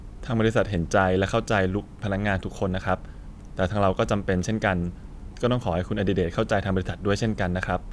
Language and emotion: Thai, neutral